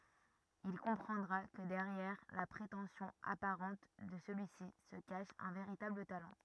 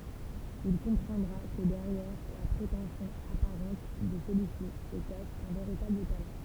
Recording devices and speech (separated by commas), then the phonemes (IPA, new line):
rigid in-ear microphone, temple vibration pickup, read sentence
il kɔ̃pʁɑ̃dʁa kə dɛʁjɛʁ la pʁetɑ̃sjɔ̃ apaʁɑ̃t də səlyi si sə kaʃ œ̃ veʁitabl talɑ̃